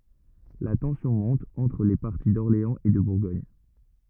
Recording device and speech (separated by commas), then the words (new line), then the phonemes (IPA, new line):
rigid in-ear microphone, read sentence
La tension monte entre les partis d'Orléans et de Bourgogne.
la tɑ̃sjɔ̃ mɔ̃t ɑ̃tʁ le paʁti dɔʁleɑ̃z e də buʁɡɔɲ